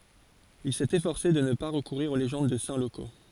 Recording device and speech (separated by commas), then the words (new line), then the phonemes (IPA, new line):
forehead accelerometer, read sentence
Il s'est efforcé de ne pas recourir aux légendes de saints locaux.
il sɛt efɔʁse də nə pa ʁəkuʁiʁ o leʒɑ̃d də sɛ̃ loko